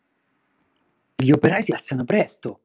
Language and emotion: Italian, surprised